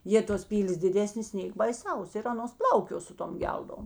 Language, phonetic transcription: Lithuanian, ˈjė tos ˈpylės diˈdesnės ˈnėk baiˈsaus ir ˈanos ˈplaukio ˈsu ˌtom ˈgeldom

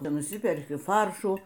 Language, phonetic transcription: Lithuanian, nuˈsiperki ˈfaršų

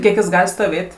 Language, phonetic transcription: Lithuanian, ˈkiek jis ˈgal' stoˈvėt'

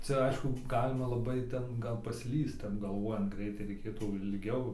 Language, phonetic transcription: Lithuanian, ˈcia ˈaišku ˈgalima laˈbai ˈten ˈgal paˈslyst ˈtep galˈvojant ˈgreitai reiˈkėtų ilˈgiau

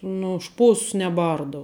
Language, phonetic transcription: Lithuanian, ˈnu už ˈšposs neˈbardau

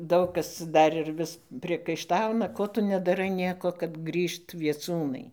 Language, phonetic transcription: Lithuanian, ˈdaug kas ˈdar ir ˈvis priekaiˈštauna ˈko tu nedaˈrai ˈnieko kad ˈgrįžt vieˈcūnai

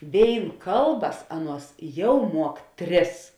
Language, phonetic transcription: Lithuanian, ˈvėin ˈkalˌbas ˈaˌnuos ˈjau ˈmuok ˈtris

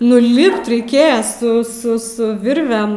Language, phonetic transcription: Lithuanian, nu ˈlipt reiˈkėja su ˈsu ˈsu ˈvirvem

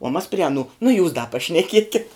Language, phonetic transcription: Lithuanian, uo mas pri aˈnų nu jūs da pašneˈkiekit

